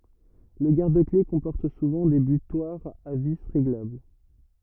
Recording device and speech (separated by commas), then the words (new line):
rigid in-ear microphone, read sentence
Le garde-clés comporte souvent des butoirs à vis réglables.